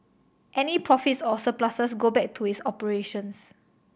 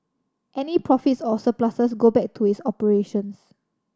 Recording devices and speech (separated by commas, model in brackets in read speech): boundary microphone (BM630), standing microphone (AKG C214), read sentence